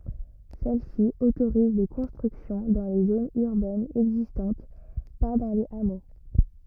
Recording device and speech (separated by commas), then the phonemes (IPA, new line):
rigid in-ear microphone, read sentence
sɛl si otoʁiz de kɔ̃stʁyksjɔ̃ dɑ̃ le zonz yʁbɛnz ɛɡzistɑ̃t pa dɑ̃ lez amo